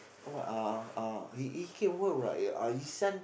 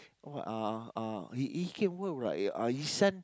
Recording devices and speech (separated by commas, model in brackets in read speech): boundary microphone, close-talking microphone, conversation in the same room